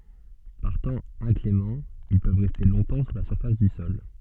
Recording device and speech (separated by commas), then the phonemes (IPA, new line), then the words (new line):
soft in-ear microphone, read sentence
paʁ tɑ̃ ɛ̃klemɑ̃ il pøv ʁɛste lɔ̃tɑ̃ su la syʁfas dy sɔl
Par temps inclément, ils peuvent rester longtemps sous la surface du sol.